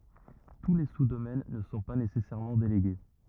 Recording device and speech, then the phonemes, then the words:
rigid in-ear microphone, read sentence
tu le su domɛn nə sɔ̃ pa nesɛsɛʁmɑ̃ deleɡe
Tous les sous-domaines ne sont pas nécessairement délégués.

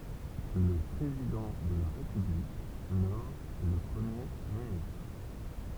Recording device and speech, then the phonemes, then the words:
temple vibration pickup, read sentence
lə pʁezidɑ̃ də la ʁepyblik nɔm lə pʁəmje ministʁ
Le président de la République nomme le Premier ministre.

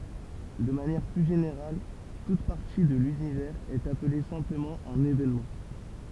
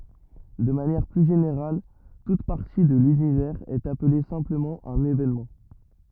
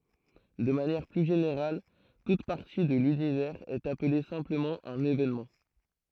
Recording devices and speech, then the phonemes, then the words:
temple vibration pickup, rigid in-ear microphone, throat microphone, read sentence
də manjɛʁ ply ʒeneʁal tut paʁti də lynivɛʁz ɛt aple sɛ̃pləmɑ̃ œ̃n evenmɑ̃
De manière plus générale, toute partie de l'univers est appelée simplement un événement.

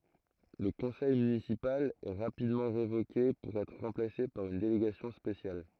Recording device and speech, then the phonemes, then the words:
throat microphone, read sentence
lə kɔ̃sɛj mynisipal ɛ ʁapidmɑ̃ ʁevoke puʁ ɛtʁ ʁɑ̃plase paʁ yn deleɡasjɔ̃ spesjal
Le conseil municipal est rapidement révoqué pour être remplacé par une délégation spéciale.

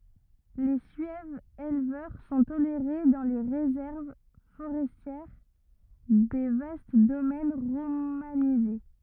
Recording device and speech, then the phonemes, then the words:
rigid in-ear microphone, read sentence
le syɛvz elvœʁ sɔ̃ toleʁe dɑ̃ le ʁezɛʁv foʁɛstjɛʁ de vast domɛn ʁomanize
Les Suèves éleveurs sont tolérés dans les réserves forestières des vastes domaines romanisés.

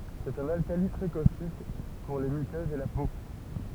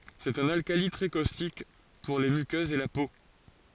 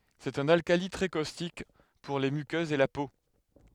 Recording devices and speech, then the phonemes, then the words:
temple vibration pickup, forehead accelerometer, headset microphone, read sentence
sɛt œ̃n alkali tʁɛ kostik puʁ le mykøzz e la po
C'est un alcali très caustique, pour les muqueuses et la peau.

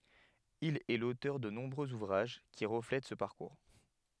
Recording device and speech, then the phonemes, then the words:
headset microphone, read sentence
il ɛ lotœʁ də nɔ̃bʁøz uvʁaʒ ki ʁəflɛt sə paʁkuʁ
Il est l'auteur de nombreux ouvrages qui reflètent ce parcours.

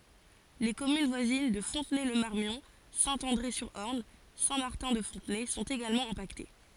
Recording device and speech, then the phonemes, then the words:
forehead accelerometer, read sentence
le kɔmyn vwazin də fɔ̃tnɛ lə maʁmjɔ̃ sɛ̃ ɑ̃dʁe syʁ ɔʁn sɛ̃ maʁtɛ̃ də fɔ̃tnɛ sɔ̃t eɡalmɑ̃ ɛ̃pakte
Les communes voisines de Fontenay-le-Marmion, Saint-André-sur-Orne, Saint-Martin-de-Fontenay sont également impactées.

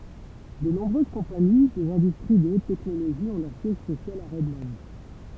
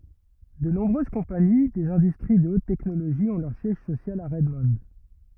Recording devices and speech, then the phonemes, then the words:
temple vibration pickup, rigid in-ear microphone, read sentence
də nɔ̃bʁøz kɔ̃pani dez ɛ̃dystʁi də ot tɛknoloʒi ɔ̃ lœʁ sjɛʒ sosjal a ʁɛdmɔ̃
De nombreuses compagnies des industries de haute technologie ont leur siège social à Redmond.

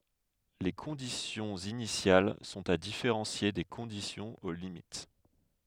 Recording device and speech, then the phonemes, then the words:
headset microphone, read sentence
le kɔ̃disjɔ̃z inisjal sɔ̃t a difeʁɑ̃sje de kɔ̃disjɔ̃z o limit
Les conditions initiales sont à différencier des conditions aux limites.

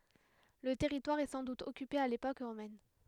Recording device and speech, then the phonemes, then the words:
headset microphone, read sentence
lə tɛʁitwaʁ ɛ sɑ̃ dut ɔkype a lepok ʁomɛn
Le territoire est sans doute occupé à l'époque romaine.

